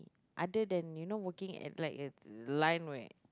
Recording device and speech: close-talking microphone, conversation in the same room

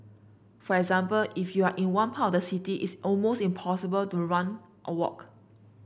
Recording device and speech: boundary microphone (BM630), read sentence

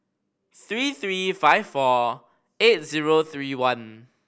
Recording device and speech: boundary microphone (BM630), read sentence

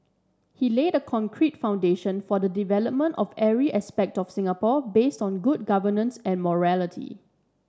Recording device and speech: standing microphone (AKG C214), read sentence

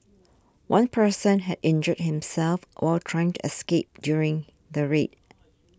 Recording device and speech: standing microphone (AKG C214), read sentence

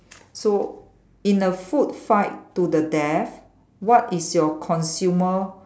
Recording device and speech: standing microphone, conversation in separate rooms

